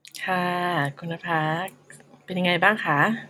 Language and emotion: Thai, neutral